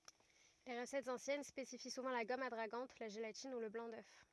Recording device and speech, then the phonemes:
rigid in-ear microphone, read sentence
le ʁəsɛtz ɑ̃sjɛn spesifi suvɑ̃ la ɡɔm adʁaɡɑ̃t la ʒelatin u lə blɑ̃ dœf

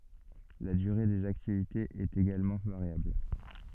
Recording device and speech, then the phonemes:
soft in-ear microphone, read sentence
la dyʁe dez aktivitez ɛt eɡalmɑ̃ vaʁjabl

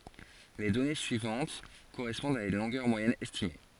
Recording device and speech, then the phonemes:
forehead accelerometer, read sentence
le dɔne syivɑ̃t koʁɛspɔ̃dt a yn lɔ̃ɡœʁ mwajɛn ɛstime

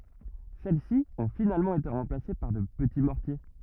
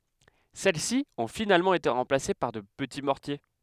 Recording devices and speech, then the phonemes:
rigid in-ear microphone, headset microphone, read sentence
sɛlɛsi ɔ̃ finalmɑ̃ ete ʁɑ̃plase paʁ də pəti mɔʁtje

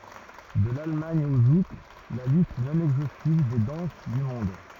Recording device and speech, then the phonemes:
rigid in-ear microphone, read sentence
də lalmɑ̃d o zuk la list nɔ̃ ɛɡzostiv de dɑ̃s dy mɔ̃d

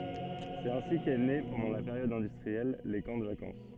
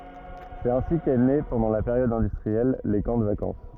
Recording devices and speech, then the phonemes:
soft in-ear microphone, rigid in-ear microphone, read sentence
sɛt ɛ̃si kɛ ne pɑ̃dɑ̃ la peʁjɔd ɛ̃dystʁiɛl le kɑ̃ də vakɑ̃s

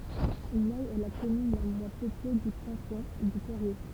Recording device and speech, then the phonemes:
temple vibration pickup, read sentence
nɛ ɛ la kɔmyn la mwɛ̃ pøple dy kɑ̃tɔ̃ də peʁje

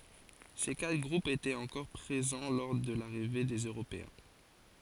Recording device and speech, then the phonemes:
forehead accelerometer, read sentence
se katʁ ɡʁupz etɛt ɑ̃kɔʁ pʁezɑ̃ lɔʁ də laʁive dez øʁopeɛ̃

